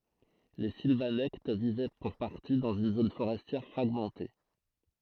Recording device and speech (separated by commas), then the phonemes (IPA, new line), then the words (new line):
throat microphone, read sentence
le silvanɛkt vivɛ puʁ paʁti dɑ̃z yn zon foʁɛstjɛʁ fʁaɡmɑ̃te
Les Silvanectes vivaient pour partie dans une zone forestière fragmentée.